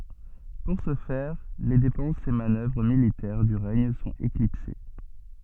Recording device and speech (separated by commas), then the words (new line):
soft in-ear microphone, read sentence
Pour ce faire, les dépenses et manœuvres militaires du règne sont éclipsées.